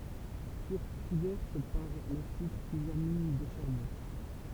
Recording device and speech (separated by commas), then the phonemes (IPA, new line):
temple vibration pickup, read sentence
fyʁt uvɛʁt paʁ la syit plyzjœʁ min də ʃaʁbɔ̃